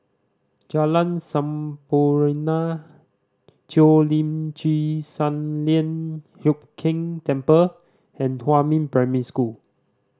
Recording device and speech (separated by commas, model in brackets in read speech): standing microphone (AKG C214), read sentence